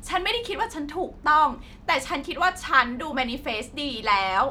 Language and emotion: Thai, frustrated